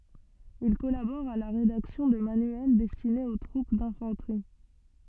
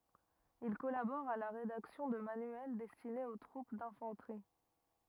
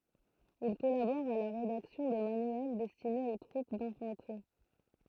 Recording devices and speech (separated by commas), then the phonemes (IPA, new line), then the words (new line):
soft in-ear microphone, rigid in-ear microphone, throat microphone, read sentence
il kɔlabɔʁ a la ʁedaksjɔ̃ də manyɛl dɛstinez o tʁup dɛ̃fɑ̃tʁi
Il collabore à la rédaction de manuels destinés aux troupes d'infanterie.